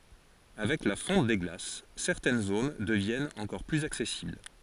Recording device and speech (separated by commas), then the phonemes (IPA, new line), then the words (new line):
forehead accelerometer, read sentence
avɛk la fɔ̃t de ɡlas sɛʁtɛn zon dəvjɛnt ɑ̃kɔʁ plyz aksɛsibl
Avec la fonte des glaces, certaines zones deviennent encore plus accessibles.